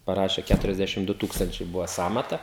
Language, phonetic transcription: Lithuanian, paˈrašė kæturiasˈdæšim ˈdu ˈtūkstančiai ˈbuva ˈsąmata

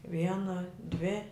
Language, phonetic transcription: Lithuanian, ˈviena dvi

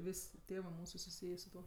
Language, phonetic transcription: Lithuanian, ˈvis' ˈtėvɜ ˈmūsu suˈsyjė su ˈtuo

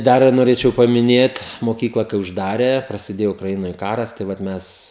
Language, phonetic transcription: Lithuanian, ˈdar noˈrėčiau pamiˈnėt moˈkykla kai užˈdarė prasiˈdėjo ukraˈinoj ˈkaras tai ˈvat ˈmes

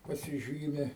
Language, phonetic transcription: Lithuanian, pasiˈžymi

